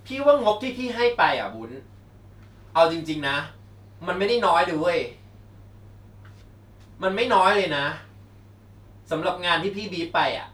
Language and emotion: Thai, frustrated